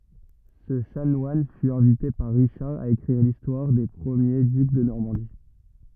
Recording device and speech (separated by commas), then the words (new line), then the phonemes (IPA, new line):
rigid in-ear microphone, read sentence
Ce chanoine fut invité par Richard à écrire l'histoire des premiers ducs de Normandie.
sə ʃanwan fy ɛ̃vite paʁ ʁiʃaʁ a ekʁiʁ listwaʁ de pʁəmje dyk də nɔʁmɑ̃di